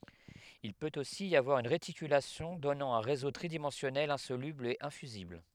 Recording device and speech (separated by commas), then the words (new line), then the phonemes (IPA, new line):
headset microphone, read sentence
Il peut aussi y avoir une réticulation donnant un réseau tridimensionnel insoluble et infusible.
il pøt osi i avwaʁ yn ʁetikylasjɔ̃ dɔnɑ̃ œ̃ ʁezo tʁidimɑ̃sjɔnɛl ɛ̃solybl e ɛ̃fyzibl